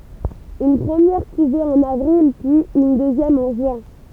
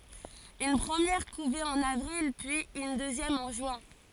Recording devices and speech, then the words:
temple vibration pickup, forehead accelerometer, read sentence
Une première couvée en avril puis une deuxième en juin.

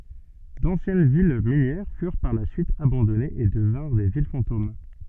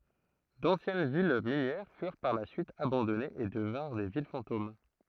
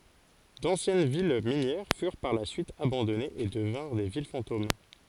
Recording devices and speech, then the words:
soft in-ear microphone, throat microphone, forehead accelerometer, read sentence
D'anciennes villes minières furent par la suite abandonnées et devinrent des villes fantômes.

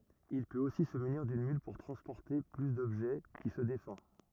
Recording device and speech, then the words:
rigid in-ear microphone, read sentence
Il peut aussi se munir d'une mule pour transporter plus d'objets, qui se défend.

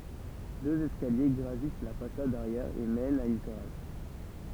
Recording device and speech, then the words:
temple vibration pickup, read sentence
Deux escaliers gravissent la façade arrière et mènent à une terrasse.

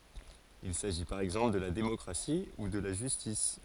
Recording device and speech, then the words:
forehead accelerometer, read sentence
Il s'agit par exemple de la démocratie ou de la justice.

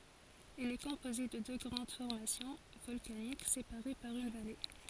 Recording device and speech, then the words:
forehead accelerometer, read sentence
Elle est composée de deux grandes formations volcaniques séparées par une vallée.

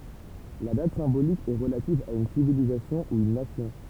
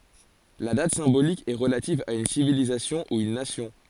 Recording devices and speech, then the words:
temple vibration pickup, forehead accelerometer, read sentence
La date symbolique est relative à une civilisation ou une nation.

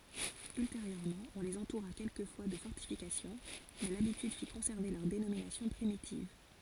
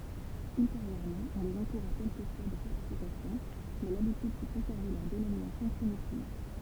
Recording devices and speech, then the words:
forehead accelerometer, temple vibration pickup, read sentence
Ultérieurement on les entoura quelquefois de fortifications, mais l'habitude fit conserver leur dénomination primitive.

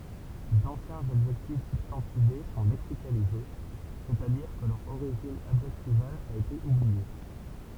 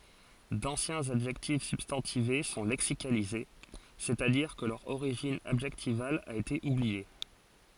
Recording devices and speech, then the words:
temple vibration pickup, forehead accelerometer, read sentence
D'anciens adjectifs substantivés sont lexicalisés, c'est-à-dire que leur origine adjectivale a été oubliée.

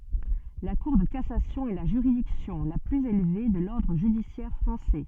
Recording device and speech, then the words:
soft in-ear microphone, read sentence
La Cour de cassation est la juridiction la plus élevée de l'ordre judiciaire français.

